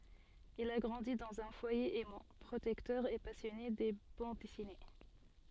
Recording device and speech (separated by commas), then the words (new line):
soft in-ear microphone, read sentence
Il a grandi dans un foyer aimant, protecteur et passionné de bandes dessinées.